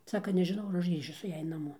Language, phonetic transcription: Lithuanian, ˈsaka nežiˈnau ar ˈaš ˈgrįšiu su ˈjąj naˈmo

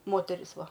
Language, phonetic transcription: Lithuanian, ˈmoteris ˈva

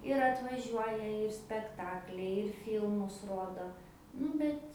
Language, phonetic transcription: Lithuanian, ir atvaˈžiuoja ir spekˈtakliai ir ˈfylmus ˈrodo ˈnu bet

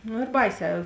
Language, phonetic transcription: Lithuanian, nu ir ˈbaiˌsē

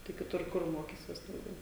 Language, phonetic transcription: Lithuanian, tai kiˈtur ˈkur ˈmokysies dauˈgiau

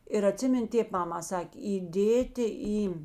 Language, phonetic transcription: Lithuanian, ir aˈtsimin' ˈtėp ˈmama ˈsakė įˈdėti ˈį

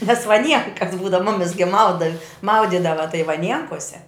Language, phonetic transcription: Lithuanian, nes vaˈnienkas ˈbūdav ˈmumis gi ˈmauda ˈmaudydava tai vaˈnienkose

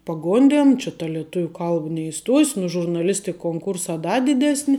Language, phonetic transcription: Lithuanian, paˈgondėn či ta lieˈtuviu ˈkalb neiˈstuos' nu žurnaˈlistik konˈkursā ˈda diˈdesni

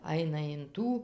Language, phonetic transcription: Lithuanian, ˈaina in ˈtų

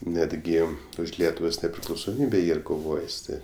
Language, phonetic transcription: Lithuanian, ˈnetgi už ˈlietuvos nepriklausoˈmybė ˈyr koˈvojis ˈti

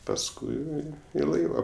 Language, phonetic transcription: Lithuanian, pasˈkui i ˈlaiva

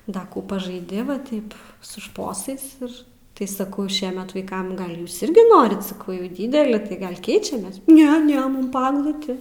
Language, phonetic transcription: Lithuanian, ˈda ˈkų pažaiˈdi va ˈtaip su ˈšposais ˈir tai saˈkau ˈšiemet ˈvaikam ˈgal' ˈjūs irgi ˈnorit saˈkau jau ˈdydeli tai ˈgal' ˈkeičiamės ˈne ˈne ˈmum ˈpa agluˈti

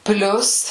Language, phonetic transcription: Lithuanian, ˈplius

